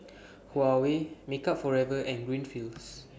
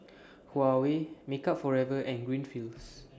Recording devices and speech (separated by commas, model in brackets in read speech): boundary microphone (BM630), standing microphone (AKG C214), read sentence